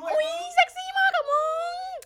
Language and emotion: Thai, happy